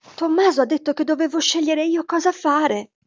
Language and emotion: Italian, fearful